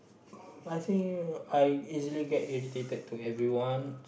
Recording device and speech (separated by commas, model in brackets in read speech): boundary microphone, conversation in the same room